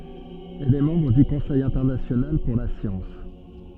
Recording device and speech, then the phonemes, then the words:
soft in-ear microphone, read sentence
ɛl ɛ mɑ̃bʁ dy kɔ̃sɛj ɛ̃tɛʁnasjonal puʁ la sjɑ̃s
Elle est membre du Conseil international pour la science.

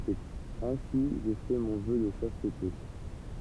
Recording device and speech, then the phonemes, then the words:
temple vibration pickup, read sentence
e ɛ̃si ʒə fɛ mɔ̃ vœ də ʃastte
Et ainsi je fais mon Vœu de Chasteté.

